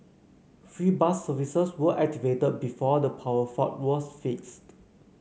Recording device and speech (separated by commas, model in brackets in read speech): mobile phone (Samsung C9), read sentence